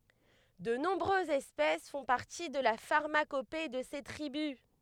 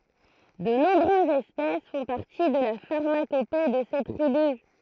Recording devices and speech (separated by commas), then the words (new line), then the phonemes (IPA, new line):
headset microphone, throat microphone, read sentence
De nombreuses espèces font partie de la pharmacopée de ces tribus.
də nɔ̃bʁøzz ɛspɛs fɔ̃ paʁti də la faʁmakope də se tʁibys